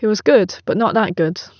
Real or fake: real